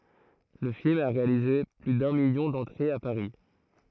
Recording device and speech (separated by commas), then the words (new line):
throat microphone, read sentence
Le film a réalisé plus d'un million d'entrées à Paris.